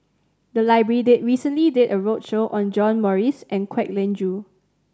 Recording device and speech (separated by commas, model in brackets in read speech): standing microphone (AKG C214), read sentence